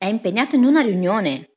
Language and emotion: Italian, angry